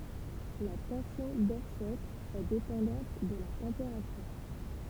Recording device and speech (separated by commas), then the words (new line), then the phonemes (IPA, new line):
temple vibration pickup, read sentence
La tension d'offset est dépendante de la température.
la tɑ̃sjɔ̃ dɔfsɛt ɛ depɑ̃dɑ̃t də la tɑ̃peʁatyʁ